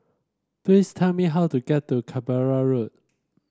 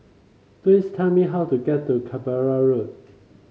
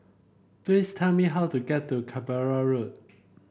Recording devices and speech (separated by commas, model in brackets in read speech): standing microphone (AKG C214), mobile phone (Samsung C5), boundary microphone (BM630), read sentence